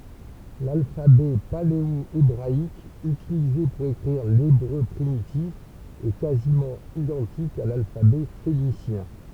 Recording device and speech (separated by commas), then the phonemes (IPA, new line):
temple vibration pickup, read sentence
lalfabɛ paleoebʁaik ytilize puʁ ekʁiʁ lebʁø pʁimitif ɛ kazimɑ̃ idɑ̃tik a lalfabɛ fenisjɛ̃